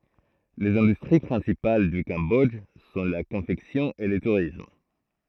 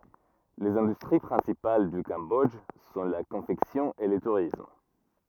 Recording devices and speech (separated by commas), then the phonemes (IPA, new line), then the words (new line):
throat microphone, rigid in-ear microphone, read sentence
lez ɛ̃dystʁi pʁɛ̃sipal dy kɑ̃bɔdʒ sɔ̃ la kɔ̃fɛksjɔ̃ e lə tuʁism
Les industries principales du Cambodge sont la confection et le tourisme.